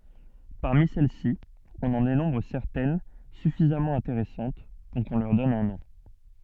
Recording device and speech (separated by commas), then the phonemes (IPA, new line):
soft in-ear microphone, read sentence
paʁmi sɛl si ɔ̃n ɑ̃ denɔ̃bʁ sɛʁtɛn syfizamɑ̃ ɛ̃teʁɛsɑ̃t puʁ kɔ̃ lœʁ dɔn œ̃ nɔ̃